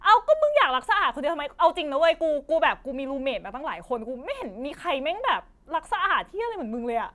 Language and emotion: Thai, angry